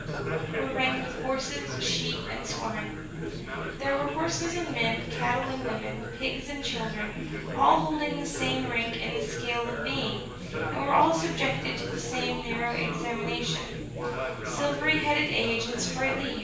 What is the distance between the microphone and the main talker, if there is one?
9.8 m.